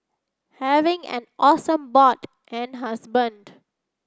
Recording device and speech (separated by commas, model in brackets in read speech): standing microphone (AKG C214), read sentence